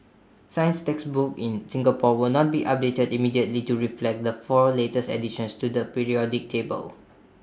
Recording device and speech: standing microphone (AKG C214), read sentence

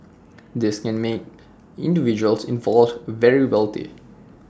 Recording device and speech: standing microphone (AKG C214), read sentence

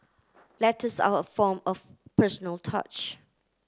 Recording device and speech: close-talking microphone (WH30), read sentence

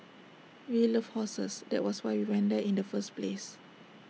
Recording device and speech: mobile phone (iPhone 6), read sentence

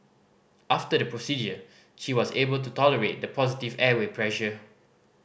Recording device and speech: boundary microphone (BM630), read sentence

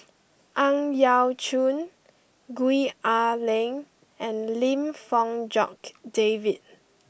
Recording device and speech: boundary microphone (BM630), read sentence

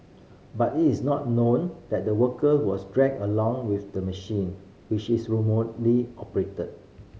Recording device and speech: mobile phone (Samsung C5010), read sentence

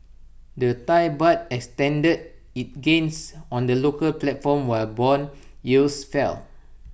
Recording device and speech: boundary microphone (BM630), read sentence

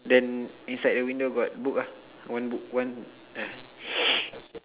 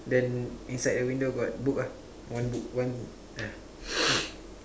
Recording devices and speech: telephone, standing microphone, conversation in separate rooms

